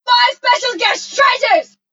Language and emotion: English, angry